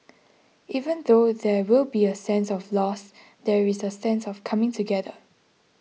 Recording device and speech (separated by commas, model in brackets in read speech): mobile phone (iPhone 6), read sentence